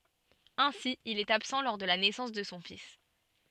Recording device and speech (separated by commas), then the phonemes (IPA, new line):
soft in-ear microphone, read sentence
ɛ̃si il ɛt absɑ̃ lɔʁ də la nɛsɑ̃s də sɔ̃ fis